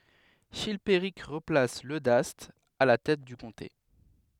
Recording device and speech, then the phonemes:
headset microphone, read sentence
ʃilpeʁik ʁəplas lødast a la tɛt dy kɔ̃te

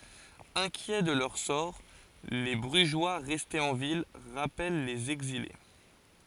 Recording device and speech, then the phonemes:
forehead accelerometer, read sentence
ɛ̃kjɛ də lœʁ sɔʁ le bʁyʒwa ʁɛstez ɑ̃ vil ʁapɛl lez ɛɡzile

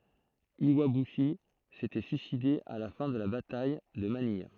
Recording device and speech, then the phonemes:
throat microphone, read sentence
jwabyʃi setɛ syiside a la fɛ̃ də la bataj də manij

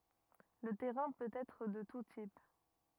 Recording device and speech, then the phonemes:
rigid in-ear microphone, read sentence
lə tɛʁɛ̃ pøt ɛtʁ də tu tip

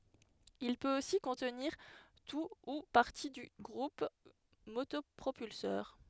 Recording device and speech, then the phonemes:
headset microphone, read sentence
il pøt osi kɔ̃tniʁ tu u paʁti dy ɡʁup motɔpʁopylsœʁ

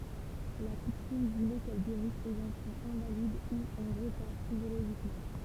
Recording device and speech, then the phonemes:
temple vibration pickup, read sentence
la kutym vulɛ kɛl ɡeʁis lez ɑ̃fɑ̃z ɛ̃valid u ɑ̃ ʁətaʁ fizjoloʒikmɑ̃

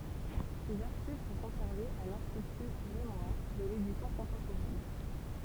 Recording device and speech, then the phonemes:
temple vibration pickup, read sentence
sez aʁʃiv sɔ̃ kɔ̃sɛʁvez a lɛ̃stity memwaʁ də ledisjɔ̃ kɔ̃tɑ̃poʁɛn

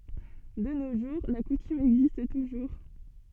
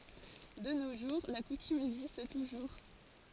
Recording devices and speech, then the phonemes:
soft in-ear microphone, forehead accelerometer, read sentence
də no ʒuʁ la kutym ɛɡzist tuʒuʁ

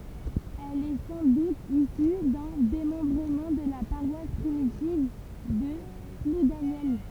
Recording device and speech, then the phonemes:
temple vibration pickup, read sentence
ɛl ɛ sɑ̃ dut isy dœ̃ demɑ̃bʁəmɑ̃ də la paʁwas pʁimitiv də pludanjɛl

